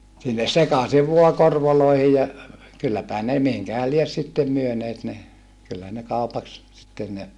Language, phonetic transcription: Finnish, sinnes sekasiv vua korvoloihi ja , kylläpähä ne , mihiŋkähäl lies sittem myöneet ne , kyllä ne kaupaks , sitten ne ,.
- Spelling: sinne sekaisin vain korvoihin ja kylläpähän ne mihinkähän lie sitten myyneet ne kyllä ne kaupaksi sitten ne

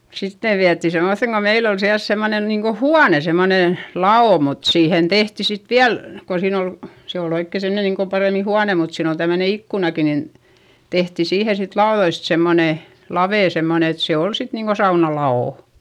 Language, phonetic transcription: Finnish, sit ne viätti semmoϑeŋ ko meil ‿ol siäls semmonen niiŋ ko huane semmone , la₍ò mut siihen tehti sit viäl , ko siin ‿ol , se ol ‿oikke semne niiŋ kom parèmi huane mut siin ‿ol tämmöne ikkunaki nin , tehti siihe sit laoδoist semmone , lavè semmone et se ol sit niiŋ Go sauna la₍ò .
- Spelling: sitten ne vietiin semmoiseen kun meillä oli siellä semmoinen niin kuin huone semmoinen lavo mutta siihen tehtiin sitten vielä kun siinä oli se oli oikein semmoinen niin kun paremmin huone mutta siinä oli tämmöinen ikkunakin niin tehtiin siihen sitten laudoista semmoinen lave semmoinen että se oli sitten niin kuin saunan lavo

